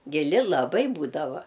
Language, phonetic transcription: Lithuanian, giˈli laˈbai ˈbūdava

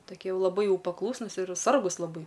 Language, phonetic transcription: Lithuanian, toˈkie ˈjau laˈbai ˈjau paˈklūsnus ir ˈsargus laˈbai

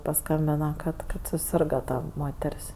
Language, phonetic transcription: Lithuanian, paˈskambina kad ˈkad suˈsirga ˈta ˈmoter's'

